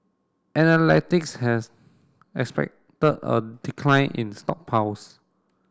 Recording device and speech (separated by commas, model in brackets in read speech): standing microphone (AKG C214), read sentence